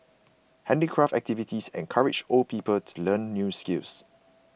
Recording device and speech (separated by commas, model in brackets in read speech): boundary microphone (BM630), read sentence